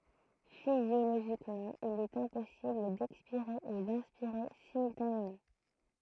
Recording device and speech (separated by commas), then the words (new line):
throat microphone, read sentence
Physiologiquement, il est impossible d'expirer et d'inspirer simultanément.